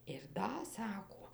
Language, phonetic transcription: Lithuanian, ir ˈda ˈsako

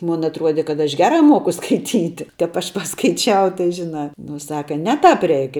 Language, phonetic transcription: Lithuanian, ˈmun atˈruode kad aš ˈgera ˈmuoku skaiˈtyti tap ˈaš paskaiˈčiau tai žiˈna ˈnu ˈsaka ˈne tāp ˈreik

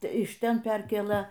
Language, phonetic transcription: Lithuanian, iš ˈten ˈperkėlɘ

